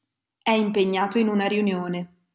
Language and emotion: Italian, neutral